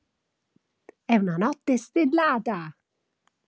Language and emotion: Italian, happy